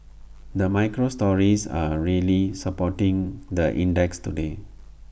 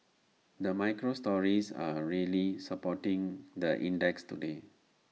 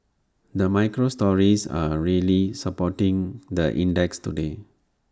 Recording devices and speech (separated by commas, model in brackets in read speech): boundary microphone (BM630), mobile phone (iPhone 6), standing microphone (AKG C214), read sentence